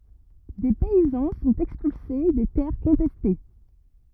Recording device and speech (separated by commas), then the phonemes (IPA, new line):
rigid in-ear microphone, read sentence
de pɛizɑ̃ sɔ̃t ɛkspylse de tɛʁ kɔ̃tɛste